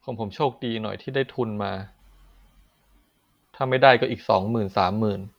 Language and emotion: Thai, frustrated